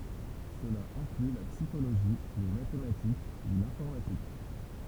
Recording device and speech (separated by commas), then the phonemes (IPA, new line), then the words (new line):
temple vibration pickup, read sentence
səla ɛ̃kly la psikoloʒi le matematik u lɛ̃fɔʁmatik
Cela inclut la psychologie, les mathématiques ou l'informatique.